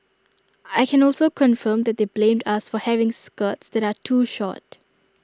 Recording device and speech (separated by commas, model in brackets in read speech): standing microphone (AKG C214), read sentence